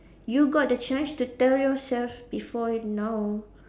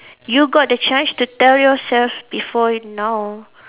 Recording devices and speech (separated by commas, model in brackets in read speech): standing microphone, telephone, conversation in separate rooms